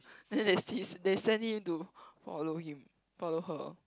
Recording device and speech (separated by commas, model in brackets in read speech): close-talking microphone, conversation in the same room